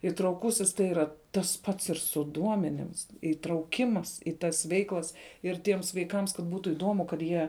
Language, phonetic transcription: Lithuanian, itrauˈkusis tai ˈyra ˈtas ˈpats ir su ˈduomenims itrauˈkimas i ˈtas ˈveiklas ir ˈtiems vaiˈkams kad ˈbūtu iˈdomu kad ˈjie

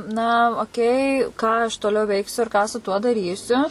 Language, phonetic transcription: Lithuanian, na oˈkei ką aš toˈliau ˈveiksiu ir ką su tuo daˈrysiu

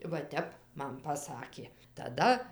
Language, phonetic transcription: Lithuanian, va ˈtep ˈman paˈsakė taˈda

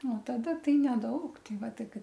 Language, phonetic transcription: Lithuanian, o taˈda ˈtai neˈdaug ˈtei ˈva ˈtai ˈkad

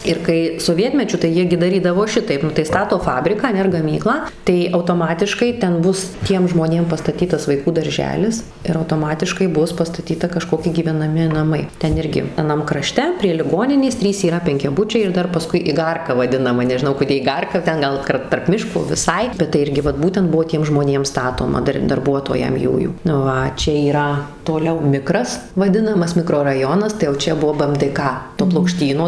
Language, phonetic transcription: Lithuanian, ˈir kai soˈvietmečiu tai ˈjie gi daˈrydavo ˈšitaip ˈnu tai ˈstato ˈfabriką aˈne ar gaˈmyklą tai autoˈmatiškai ˈten ˈbus ˈtiem žmoˈnėm pastaˈtytas vaiˈkų darˈželis ir autoˈmatiškai ˈbus pastaˈtyta kaˈžkoki gyvenaˈmi naˈmai ˈten ˈirgi aˈnam kraˈšte prie liˈgoninės ˈtrys yˈra penkiaˈbučiai ir ˈdar paˈskui iˈgarka vaˈdinama nežiˈnau koˈdė iˈgarka ˈten ˈgal kar tarp ˈmiško viˈsai ˈbet tai ˈirgi ˈvat ˈbūtent ˈbuvo ˈtiem žmoˈnėm ˈstatoma ˈdar darˈbuotojam ˈjųjų ˈva ˈčia yˈra toˈliau ˈmikras vaˈdinamas mikroraˈjonas tai jau ˈčia ˈbuo bɘ em dɘ ˈka to plokˈštyno

